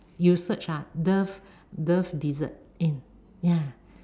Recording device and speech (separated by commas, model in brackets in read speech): standing microphone, conversation in separate rooms